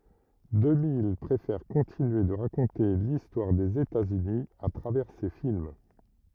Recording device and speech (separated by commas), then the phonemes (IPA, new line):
rigid in-ear microphone, read sentence
dəmij pʁefɛʁ kɔ̃tinye də ʁakɔ̃te listwaʁ dez etaz yni a tʁavɛʁ se film